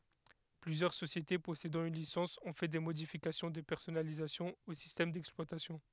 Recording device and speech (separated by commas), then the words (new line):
headset microphone, read sentence
Plusieurs sociétés possédant une licence ont fait des modifications de personnalisation au système d'exploitation.